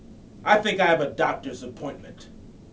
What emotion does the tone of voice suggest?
angry